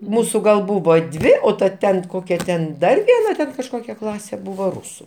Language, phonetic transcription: Lithuanian, ˈmūsu gal ˈbūvo ˈdvi o ta ˈten ˈkokia ten ˈdar vieˈna ˈten kažˈkokia ˈklasė ˈbuvo ˈrusu

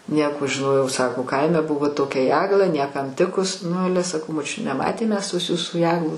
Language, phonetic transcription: Lithuanian, ˈnieko žiˈnojau ˈsako ˈkaime ˈbuvo ˈtokia ˈjegla ˈniekam ˈtikus ˈnu ˈale saˈkau moˈčiut neˈmatėm ˈmes tos ˈjūsų ˈjeglos

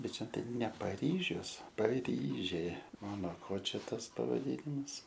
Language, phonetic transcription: Lithuanian, ˈbet ˈčia ˈtai ne paˈryžius paˈryžė ˈo no ˈko ˈčia ˈtas pavaˈdynimas

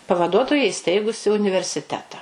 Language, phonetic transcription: Lithuanian, pavaˈduotoja iˈsteigusi universiˈteta

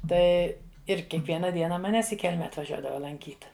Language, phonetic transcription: Lithuanian, ˈtai ir kiekˈviena ˈdiena maˈnęs i ˈkelme atvaˈžiuodava lanˈkyt

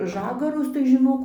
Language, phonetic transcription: Lithuanian, ˈžagarus tai žiˈnok

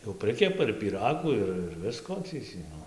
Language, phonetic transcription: Lithuanian, jau ˈprɨkepa ir pyˈragų ˈir ir ˈvisko tai tį ˈnu

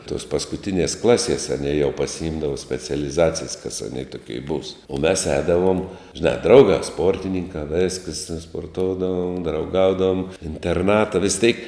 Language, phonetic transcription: Lithuanian, tos paskuˈtinies ˈklaˌsies aˈnie jau pasiˈimdavo specialiˈzacijs kas aˈnė toˈkie būs u mes ˈēdavuom žiˈnā ˈdraugā ˈsportininkā ˈvėskəs sporˈtoudavom drauˈgaudavom interˈnata vis tėk

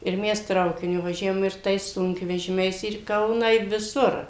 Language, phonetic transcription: Lithuanian, ir ˈmes ˈtraukiniu vaˈžiavom ir ˈtais ˈsunkvežimiais ir į ˈkauną i viˈsur

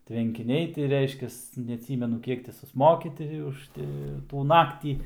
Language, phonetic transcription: Lithuanian, tvenkiˈniai ti ˈreiškias neaˈtsymenu ˈkiek ti susˈmoki ˈti už ˈti tų ˈnaktį

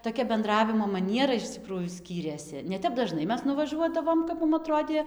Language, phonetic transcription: Lithuanian, toˈkia benˈdravimo maˈniera iš ˈcikrųjų ˈskyrėsi ne ˈtep daˈžnai ˈmes nuvaˈžuodavom kap ˈmum aˈtrodė

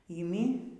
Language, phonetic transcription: Lithuanian, yˈmi

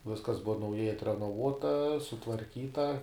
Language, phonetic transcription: Lithuanian, ˈviskas ˈbuva nauˈjai atrenoˈvuota sutvarˈkyta

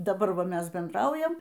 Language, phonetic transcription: Lithuanian, daˈbar ˈva ˈmes bendˈraujam

